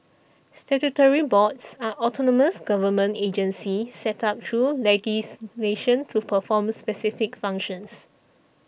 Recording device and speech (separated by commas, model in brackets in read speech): boundary microphone (BM630), read sentence